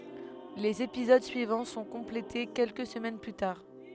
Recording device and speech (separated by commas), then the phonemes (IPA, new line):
headset microphone, read sentence
lez epizod syivɑ̃ sɔ̃ kɔ̃plete kɛlkə səmɛn ply taʁ